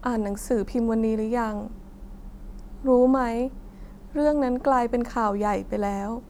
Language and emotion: Thai, sad